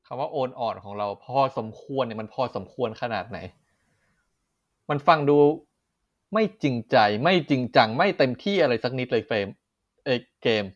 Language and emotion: Thai, angry